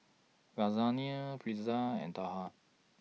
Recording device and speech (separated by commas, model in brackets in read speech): mobile phone (iPhone 6), read sentence